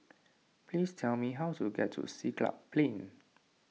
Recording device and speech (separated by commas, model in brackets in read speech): mobile phone (iPhone 6), read sentence